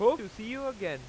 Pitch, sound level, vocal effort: 225 Hz, 100 dB SPL, very loud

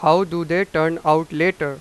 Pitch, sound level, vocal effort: 165 Hz, 97 dB SPL, very loud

